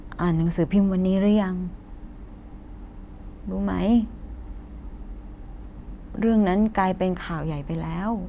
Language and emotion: Thai, frustrated